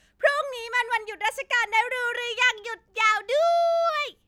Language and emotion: Thai, happy